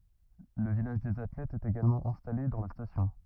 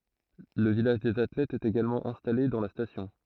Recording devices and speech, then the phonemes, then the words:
rigid in-ear microphone, throat microphone, read sentence
lə vilaʒ dez atlɛtz ɛt eɡalmɑ̃ ɛ̃stale dɑ̃ la stasjɔ̃
Le village des athlètes est également installé dans la station.

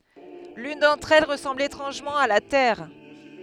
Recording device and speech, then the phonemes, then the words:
headset microphone, read sentence
lyn dɑ̃tʁ ɛl ʁəsɑ̃bl etʁɑ̃ʒmɑ̃ a la tɛʁ
L’une d’entre elles ressemble étrangement à la Terre.

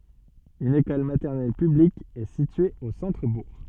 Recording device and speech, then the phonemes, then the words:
soft in-ear microphone, read sentence
yn ekɔl matɛʁnɛl pyblik ɛ sitye o sɑ̃tʁəbuʁ
Une école maternelle publique est située au centre-bourg.

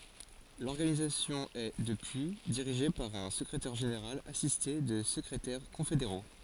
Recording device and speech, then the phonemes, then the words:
forehead accelerometer, read sentence
lɔʁɡanizasjɔ̃ ɛ dəpyi diʁiʒe paʁ œ̃ səkʁetɛʁ ʒeneʁal asiste də səkʁetɛʁ kɔ̃fedeʁo
L'organisation est, depuis, dirigée par un secrétaire général assisté de secrétaires confédéraux.

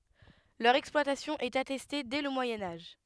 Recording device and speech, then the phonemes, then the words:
headset microphone, read sentence
lœʁ ɛksplwatasjɔ̃ ɛt atɛste dɛ lə mwajɛ̃ aʒ
Leur exploitation est attestée dès le Moyen Âge.

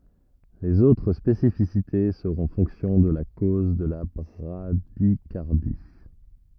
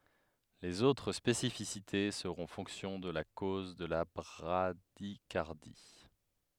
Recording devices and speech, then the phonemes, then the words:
rigid in-ear microphone, headset microphone, read sentence
lez otʁ spesifisite səʁɔ̃ fɔ̃ksjɔ̃ də la koz də la bʁadikaʁdi
Les autres spécificités seront fonction de la cause de la bradycardie.

